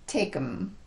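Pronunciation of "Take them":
In "take them", "them" is reduced: its first sound is dropped and the vowel is reduced to a schwa, so it sounds like "um". The k moves straight to the m with as little movement as possible.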